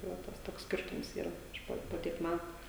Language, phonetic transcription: Lithuanian, tai ˈva ˈtas toks ˈskirtums ˈyra ˈaš po po ˈtiek ˈmætu

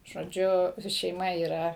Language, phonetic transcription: Lithuanian, žoˈdžiu šeiˈma yˈra

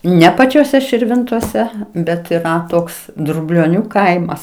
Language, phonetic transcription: Lithuanian, ˈne pačioˈse širˈvintose ˈbet yˈra ˈtoks drublioˈnių ˈkaimas

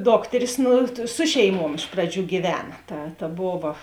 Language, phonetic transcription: Lithuanian, ˈdokteris ˈnu ˈsu šeiˈmuom ˈiš praˌdžių gyˈvena ˈta ta ˈbova

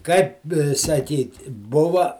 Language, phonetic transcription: Lithuanian, kaip saˈkyti ˈbuva

